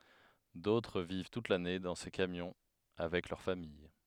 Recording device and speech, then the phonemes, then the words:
headset microphone, read sentence
dotʁ viv tut lane dɑ̃ se kamjɔ̃ avɛk lœʁ famij
D'autres vivent toute l'année dans ces camions avec leur famille.

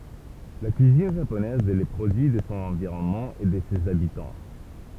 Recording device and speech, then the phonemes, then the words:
temple vibration pickup, read sentence
la kyizin ʒaponɛz ɛ lə pʁodyi də sɔ̃ ɑ̃viʁɔnmɑ̃ e də sez abitɑ̃
La cuisine japonaise est le produit de son environnement et de ses habitants.

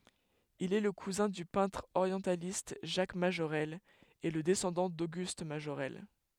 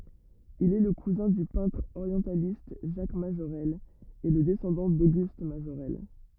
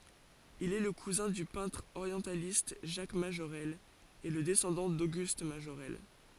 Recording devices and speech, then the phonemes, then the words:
headset microphone, rigid in-ear microphone, forehead accelerometer, read sentence
il ɛ lə kuzɛ̃ dy pɛ̃tʁ oʁjɑ̃sjalist ʒak maʒoʁɛl e lə dɛsɑ̃dɑ̃ doɡyst maʒoʁɛl
Il est le cousin du peintre orientialiste Jacques Majorelle et le descendant d'Auguste Majorelle.

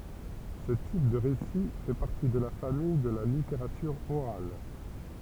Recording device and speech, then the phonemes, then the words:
temple vibration pickup, read sentence
sə tip də ʁesi fɛ paʁti də la famij də la liteʁatyʁ oʁal
Ce type de récit fait partie de la famille de la littérature orale.

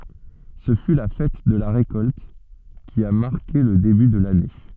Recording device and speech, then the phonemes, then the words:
soft in-ear microphone, read sentence
sə fy la fɛt də la ʁekɔlt ki a maʁke lə deby də lane
Ce fut la fête de la récolte, qui a marqué le début de l'année.

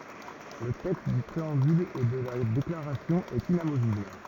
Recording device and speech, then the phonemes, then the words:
rigid in-ear microphone, read sentence
lə tɛkst dy pʁeɑ̃byl e də la deklaʁasjɔ̃ ɛt inamovibl
Le texte du préambule et de la déclaration est inamovible.

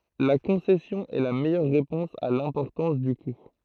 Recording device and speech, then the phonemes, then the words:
throat microphone, read sentence
la kɔ̃sɛsjɔ̃ ɛ la mɛjœʁ ʁepɔ̃s a lɛ̃pɔʁtɑ̃s dy ku
La concession est la meilleure réponse à l'importance du coût.

